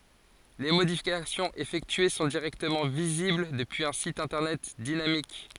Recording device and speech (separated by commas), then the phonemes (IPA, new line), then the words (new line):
forehead accelerometer, read sentence
le modifikasjɔ̃z efɛktye sɔ̃ diʁɛktəmɑ̃ vizibl dəpyiz œ̃ sit ɛ̃tɛʁnɛt dinamik
Les modifications effectuées sont directement visibles depuis un site internet dynamique.